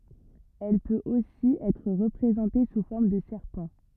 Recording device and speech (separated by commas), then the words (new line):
rigid in-ear microphone, read sentence
Elle peut aussi être représentée sous forme de serpent.